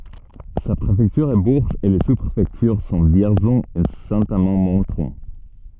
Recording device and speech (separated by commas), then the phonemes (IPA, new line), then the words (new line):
soft in-ear microphone, read sentence
sa pʁefɛktyʁ ɛ buʁʒz e le su pʁefɛktyʁ sɔ̃ vjɛʁzɔ̃ e sɛ̃ amɑ̃ mɔ̃tʁɔ̃
Sa préfecture est Bourges et les sous-préfectures sont Vierzon et Saint-Amand-Montrond.